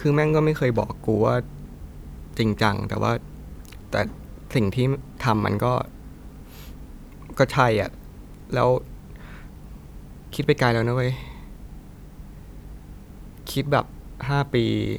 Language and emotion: Thai, sad